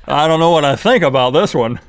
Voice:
silly voice